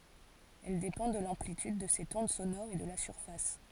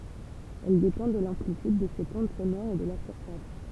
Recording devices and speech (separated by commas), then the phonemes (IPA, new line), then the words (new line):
forehead accelerometer, temple vibration pickup, read sentence
ɛl depɑ̃ də lɑ̃plityd də sɛt ɔ̃d sonɔʁ e də la syʁfas
Elle dépend de l'amplitude de cette onde sonore et de la surface.